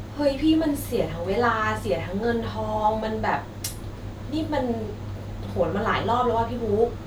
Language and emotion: Thai, frustrated